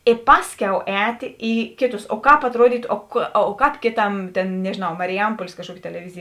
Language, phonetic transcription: Lithuanian, i ˈpasˌkiau ˈētė ˈį ˈkėˌtus o ˈkāp atˈruodytu o ka ˈkāp ˈkėˌtam ˈtėn nežėˈnau mariˈjampuolės kažˈkuoki teleˈvizėj

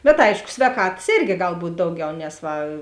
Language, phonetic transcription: Lithuanian, bet ˈaišku svēˈkatas ˈėrgi ˈgal ˈbūt' ˈdauˌgiau nes ˈva

